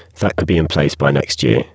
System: VC, spectral filtering